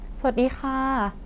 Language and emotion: Thai, neutral